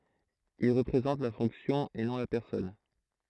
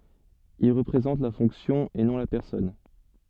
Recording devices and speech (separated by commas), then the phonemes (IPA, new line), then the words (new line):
throat microphone, soft in-ear microphone, read sentence
il ʁəpʁezɑ̃t la fɔ̃ksjɔ̃ e nɔ̃ la pɛʁsɔn
Il représente la fonction et non la personne.